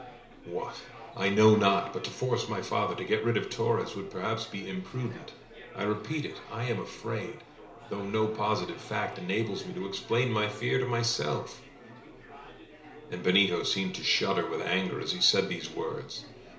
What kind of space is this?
A small room.